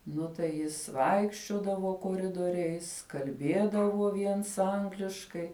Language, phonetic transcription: Lithuanian, ˈnu tai ˈjis ˈvaikščiodavo koˈridoriais kalˈbėdavo ˈviens ˈangliškai

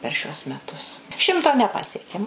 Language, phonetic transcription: Lithuanian, per ˈšiuos meˈtus ˈšimto neˈpasiekiam

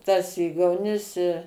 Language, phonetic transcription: Lithuanian, tas ˈygaunis i

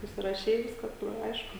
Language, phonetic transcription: Lithuanian, susiraˈšei ˈviskas tuoj ˈaišku

